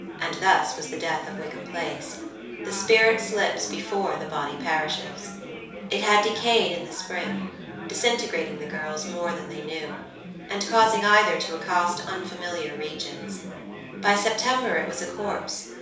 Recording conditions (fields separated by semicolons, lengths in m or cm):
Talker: one person; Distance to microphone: 3.0 m; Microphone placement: far; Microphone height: 1.8 m; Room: small (3.7 m by 2.7 m); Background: babble